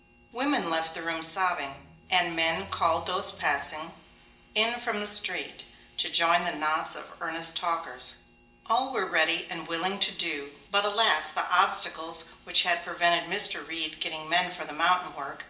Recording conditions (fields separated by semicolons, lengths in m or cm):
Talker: one person; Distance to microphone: 1.8 m; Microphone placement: close; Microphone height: 1.0 m; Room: large; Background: none